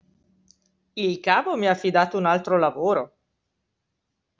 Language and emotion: Italian, surprised